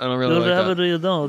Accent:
posh accent